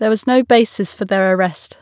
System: none